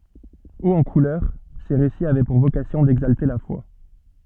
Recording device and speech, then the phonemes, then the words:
soft in-ear microphone, read sentence
oz ɑ̃ kulœʁ se ʁesiz avɛ puʁ vokasjɔ̃ dɛɡzalte la fwa
Hauts en couleurs, ces récits avaient pour vocation d'exalter la foi.

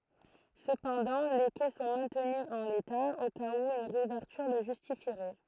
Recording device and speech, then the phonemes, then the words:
throat microphone, read sentence
səpɑ̃dɑ̃ le kɛ sɔ̃ mɛ̃tny ɑ̃ leta o kaz u yn ʁeuvɛʁtyʁ lə ʒystifiʁɛ
Cependant, les quais sont maintenus en l'état, au cas où une réouverture le justifierait.

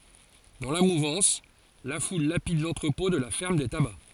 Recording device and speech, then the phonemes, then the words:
forehead accelerometer, read sentence
dɑ̃ la muvɑ̃s la ful lapid lɑ̃tʁəpɔ̃ də la fɛʁm de taba
Dans la mouvance, la foule lapide l’entrepôt de la ferme des tabacs.

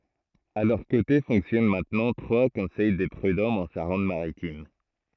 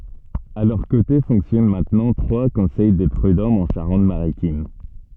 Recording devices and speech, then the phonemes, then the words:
throat microphone, soft in-ear microphone, read sentence
a lœʁ kote fɔ̃ksjɔn mɛ̃tnɑ̃ tʁwa kɔ̃sɛj de pʁydɔmz ɑ̃ ʃaʁɑ̃t maʁitim
À leurs côtés fonctionnent maintenant trois Conseils des Prudhommes en Charente-Maritime.

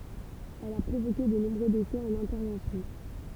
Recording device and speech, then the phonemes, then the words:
temple vibration pickup, read sentence
ɛl a pʁovoke də nɔ̃bʁø desɛ ɑ̃n ɛ̃tɛʁvɑ̃sjɔ̃
Elle a provoqué de nombreux décès en intervention.

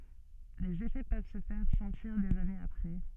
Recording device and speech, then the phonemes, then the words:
soft in-ear microphone, read sentence
lez efɛ pøv sə fɛʁ sɑ̃tiʁ dez anez apʁɛ
Les effets peuvent se faire sentir des années après.

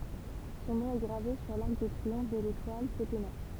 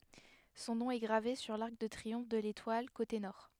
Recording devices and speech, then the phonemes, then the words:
temple vibration pickup, headset microphone, read sentence
sɔ̃ nɔ̃ ɛ ɡʁave syʁ laʁk də tʁiɔ̃f də letwal kote nɔʁ
Son nom est gravé sur l'arc de triomphe de l'Étoile, côté Nord.

